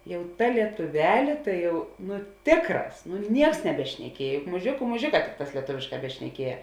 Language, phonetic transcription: Lithuanian, ˈjau ˈta lietuˈvelė ˈtai jau ˈnu ˈtėkˌrās nu ˈnieks nebešneˈkiej juk muˈžėku muˈžėˌkā ˈtikˌtās lieˈtovėšˌkā bešneˈkieja

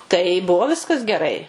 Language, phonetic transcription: Lithuanian, tai ˈbuvo ˈviskas geˈrai

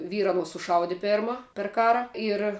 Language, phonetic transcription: Lithuanian, ˈvyra aˈnuos suˈšaudi ˈperma per ˈkara ir

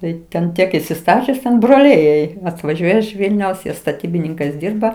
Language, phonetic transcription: Lithuanian, ˈtai ten ˈtiek isiˈstačius ten broˈliai jai atvaˈžiuoja iš ˈvilniaus ˈjie staˈtybininkais ˈdyrba

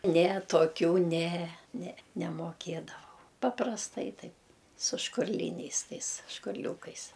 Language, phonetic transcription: Lithuanian, ˈne toˈkių ˈne ne nemoˈkėdavau paprasˈtai ˈtaip su škurˈlyniais ˈtais škurˈliūkais

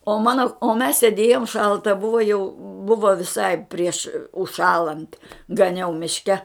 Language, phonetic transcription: Lithuanian, o ˈmano o mes sėˈdėjom ˈšalta ˈbuvo jau ˈbuvo viˈsai prieš užˈšąlant gaˈniau mišˈke

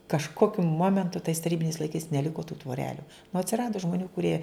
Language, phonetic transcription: Lithuanian, kažˈkokiu ˈmomentu tais taˈrybiniais laiˈkais neˈliko tų tvoˈreliu nu atsiˈrado žmoˈnių kuˈrie

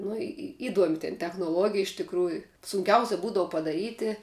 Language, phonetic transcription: Lithuanian, ˈnu i i ˈiduomi ten technoˈluogija iš tikˈrųju sunˈkiausia ˈbūdavu padaˈryti

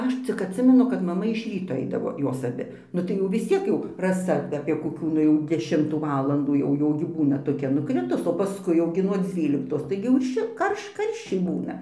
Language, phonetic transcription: Lithuanian, ˈaš cik atˈsimenu kad maˈma iš ˈryto ˈaidavo ˈjos aˈbi ˈnu tai jau vis ˈciek jau raˈsa apie koˈkių ˈnu jau deˈšimtų ˈvalandų jau ˈjau gi ˈbūna toˈkia nuˈkritus o paˈskui jau ˈgi nuo ˈdzvyliktos ˈtaigi jau ˈšil ˈkarš ˈkarščiai ˈbūna

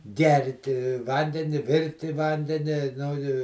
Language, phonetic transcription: Lithuanian, ˈgerti ˈvandeni ˈvirti ˈvandeni nu i

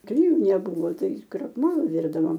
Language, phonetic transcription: Lithuanian, kliˈjų neˈbūvo ˈtai krakˈmolo ˈvirdavom

